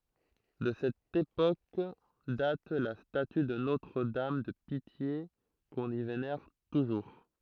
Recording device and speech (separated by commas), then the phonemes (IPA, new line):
throat microphone, read sentence
də sɛt epok dat la staty də notʁədam də pitje kɔ̃n i venɛʁ tuʒuʁ